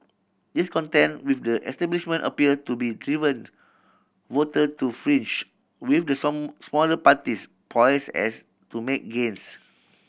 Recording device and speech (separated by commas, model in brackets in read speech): boundary microphone (BM630), read sentence